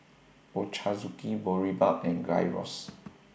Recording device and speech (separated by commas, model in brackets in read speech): boundary microphone (BM630), read sentence